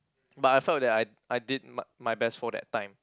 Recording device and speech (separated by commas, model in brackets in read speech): close-talking microphone, conversation in the same room